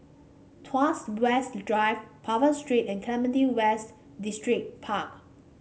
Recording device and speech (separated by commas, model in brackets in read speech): mobile phone (Samsung C5), read sentence